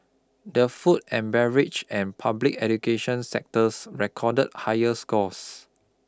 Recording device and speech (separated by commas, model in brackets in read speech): close-talking microphone (WH20), read sentence